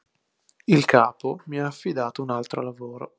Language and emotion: Italian, neutral